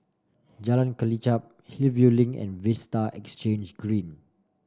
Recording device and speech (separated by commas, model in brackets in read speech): standing microphone (AKG C214), read sentence